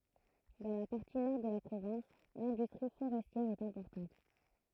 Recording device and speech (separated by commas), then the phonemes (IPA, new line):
throat microphone, read sentence
dɑ̃ la paʁti nɔʁ də la pʁovɛ̃s lɛ̃dystʁi foʁɛstjɛʁ ɛt ɛ̃pɔʁtɑ̃t